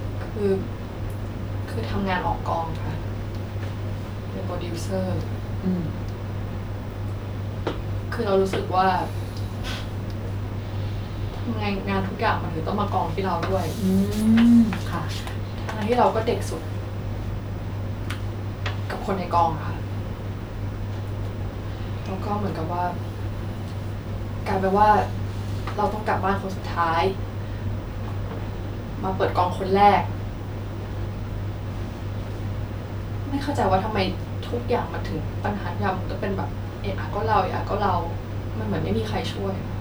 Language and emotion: Thai, sad